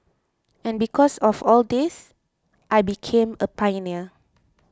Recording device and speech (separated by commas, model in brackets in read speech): close-talking microphone (WH20), read sentence